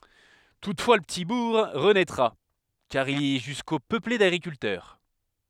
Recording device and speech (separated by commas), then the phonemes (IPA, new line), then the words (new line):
headset microphone, read sentence
tutfwa lə pəti buʁ ʁənɛtʁa kaʁ il ɛ ʒysko pøple daɡʁikyltœʁ
Toutefois le petit bourg renaîtra, car il est jusqu’au peuplé d’agriculteurs.